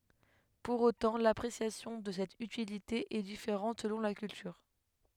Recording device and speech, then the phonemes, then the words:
headset microphone, read sentence
puʁ otɑ̃ lapʁesjasjɔ̃ də sɛt ytilite ɛ difeʁɑ̃t səlɔ̃ la kyltyʁ
Pour autant, l'appréciation de cette utilité est différente selon la culture.

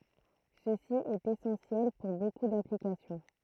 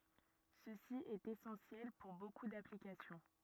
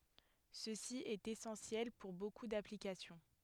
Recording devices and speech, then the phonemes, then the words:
throat microphone, rigid in-ear microphone, headset microphone, read sentence
səsi ɛt esɑ̃sjɛl puʁ boku daplikasjɔ̃
Ceci est essentiel pour beaucoup d'applications.

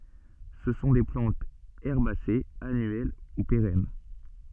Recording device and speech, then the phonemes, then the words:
soft in-ear microphone, read sentence
sə sɔ̃ de plɑ̃tz ɛʁbasez anyɛl u peʁɛn
Ce sont des plantes herbacées annuelles ou pérennes.

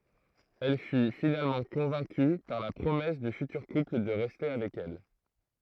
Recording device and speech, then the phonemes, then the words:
throat microphone, read sentence
ɛl fy finalmɑ̃ kɔ̃vɛ̃ky paʁ la pʁomɛs dy fytyʁ kupl də ʁɛste avɛk ɛl
Elle fut finalement convaincue par la promesse du futur couple de rester avec elle.

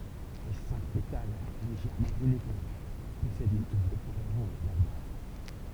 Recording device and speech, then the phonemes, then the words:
temple vibration pickup, read sentence
le sɛ̃k petal leʒɛʁmɑ̃ ineɡo pɔsɛdt yn tuf də pwalz oʁɑ̃ʒ a lœʁ baz
Les cinq pétales légèrement inégaux possèdent une touffe de poils orange à leur base.

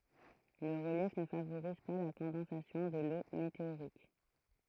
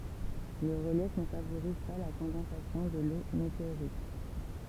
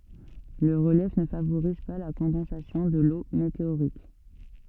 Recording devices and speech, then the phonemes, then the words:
throat microphone, temple vibration pickup, soft in-ear microphone, read sentence
lə ʁəljɛf nə favoʁiz pa la kɔ̃dɑ̃sasjɔ̃ də lo meteoʁik
Le relief ne favorise pas la condensation de l'eau météorique.

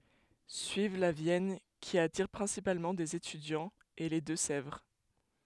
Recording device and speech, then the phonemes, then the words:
headset microphone, read sentence
syiv la vjɛn ki atiʁ pʁɛ̃sipalmɑ̃ dez etydjɑ̃z e le dø sɛvʁ
Suivent la Vienne, qui attire principalement des étudiants, et les Deux-Sèvres.

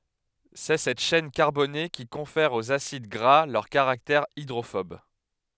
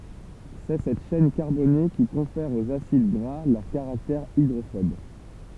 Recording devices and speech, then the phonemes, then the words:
headset microphone, temple vibration pickup, read sentence
sɛ sɛt ʃɛn kaʁbone ki kɔ̃fɛʁ oz asid ɡʁa lœʁ kaʁaktɛʁ idʁofɔb
C'est cette chaîne carbonée qui confère aux acides gras leur caractère hydrophobe.

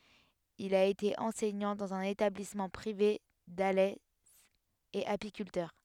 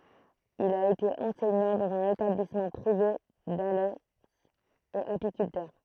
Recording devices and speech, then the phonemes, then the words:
headset microphone, throat microphone, read sentence
il a ete ɑ̃sɛɲɑ̃ dɑ̃z œ̃n etablismɑ̃ pʁive dalɛ e apikyltœʁ
Il a été enseignant dans un établissement privé d'Alès, et apiculteur.

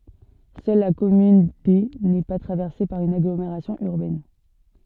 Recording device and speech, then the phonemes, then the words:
soft in-ear microphone, read sentence
sœl la kɔmyn de nɛ pa tʁavɛʁse paʁ yn aɡlomeʁasjɔ̃ yʁbɛn
Seule la commune D n’est pas traversée par une agglomération urbaine.

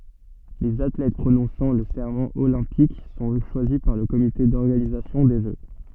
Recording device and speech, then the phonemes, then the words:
soft in-ear microphone, read sentence
lez atlɛt pʁonɔ̃sɑ̃ lə sɛʁmɑ̃ olɛ̃pik sɔ̃ ʃwazi paʁ lə komite dɔʁɡanizasjɔ̃ de ʒø
Les athlètes prononçant le serment olympique sont choisis par le comité d'organisation des Jeux.

